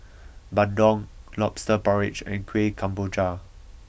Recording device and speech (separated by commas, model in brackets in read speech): boundary microphone (BM630), read sentence